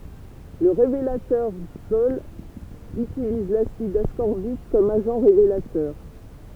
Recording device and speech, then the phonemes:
temple vibration pickup, read sentence
lə ʁevelatœʁ ikstɔl ytiliz lasid askɔʁbik kɔm aʒɑ̃ ʁevelatœʁ

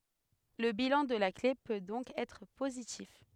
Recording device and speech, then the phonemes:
headset microphone, read sentence
lə bilɑ̃ də la kle pø dɔ̃k ɛtʁ pozitif

